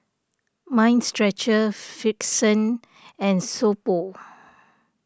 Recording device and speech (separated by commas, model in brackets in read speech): standing microphone (AKG C214), read sentence